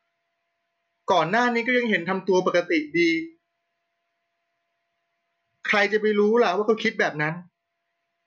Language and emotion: Thai, frustrated